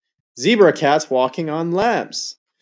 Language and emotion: English, happy